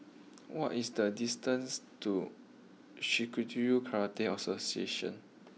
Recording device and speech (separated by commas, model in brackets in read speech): mobile phone (iPhone 6), read sentence